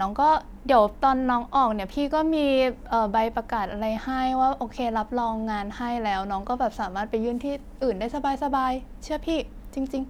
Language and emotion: Thai, neutral